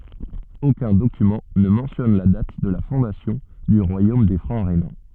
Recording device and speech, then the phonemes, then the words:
soft in-ear microphone, read sentence
okœ̃ dokymɑ̃ nə mɑ̃tjɔn la dat də la fɔ̃dasjɔ̃ dy ʁwajom de fʁɑ̃ ʁenɑ̃
Aucun document ne mentionne la date de la fondation du royaume des Francs rhénans.

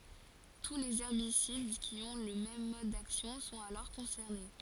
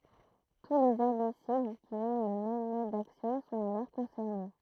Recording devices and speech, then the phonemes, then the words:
forehead accelerometer, throat microphone, read sentence
tu lez ɛʁbisid ki ɔ̃ lə mɛm mɔd daksjɔ̃ sɔ̃t alɔʁ kɔ̃sɛʁne
Tous les herbicides qui ont le même mode d’action sont alors concernés.

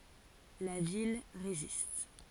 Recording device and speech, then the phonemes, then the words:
forehead accelerometer, read sentence
la vil ʁezist
La ville résiste.

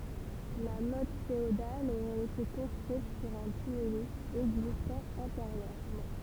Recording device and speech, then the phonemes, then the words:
temple vibration pickup, read sentence
la mɔt feodal oʁɛt ete kɔ̃stʁyit syʁ œ̃ tymylys ɛɡzistɑ̃ ɑ̃teʁjøʁmɑ̃
La motte féodale aurait été construite sur un tumulus existant antérieurement.

